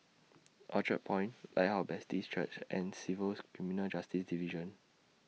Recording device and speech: mobile phone (iPhone 6), read sentence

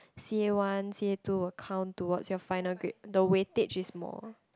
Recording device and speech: close-talking microphone, conversation in the same room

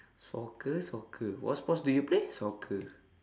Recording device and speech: standing microphone, conversation in separate rooms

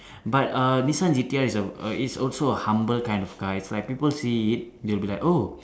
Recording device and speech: standing microphone, conversation in separate rooms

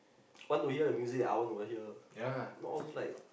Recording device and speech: boundary microphone, conversation in the same room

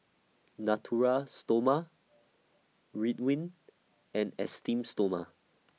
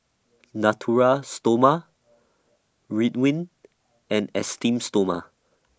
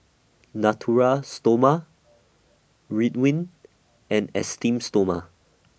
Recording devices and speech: mobile phone (iPhone 6), standing microphone (AKG C214), boundary microphone (BM630), read sentence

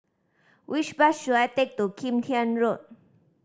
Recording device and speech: standing microphone (AKG C214), read sentence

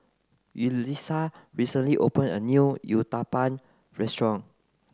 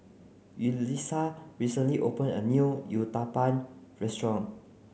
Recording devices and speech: close-talking microphone (WH30), mobile phone (Samsung C9), read sentence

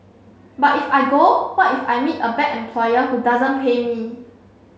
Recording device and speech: mobile phone (Samsung C7), read sentence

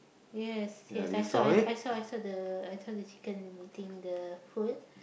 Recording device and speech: boundary microphone, conversation in the same room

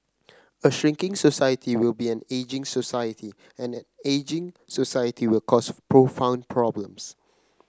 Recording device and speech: close-talking microphone (WH30), read sentence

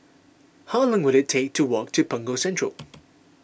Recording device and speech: boundary microphone (BM630), read sentence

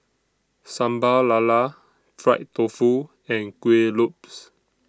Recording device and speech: standing microphone (AKG C214), read sentence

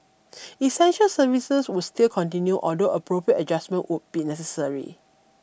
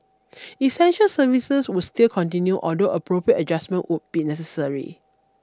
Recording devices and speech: boundary microphone (BM630), standing microphone (AKG C214), read sentence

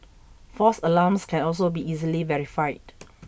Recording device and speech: boundary microphone (BM630), read sentence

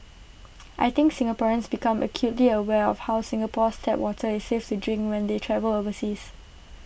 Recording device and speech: boundary microphone (BM630), read sentence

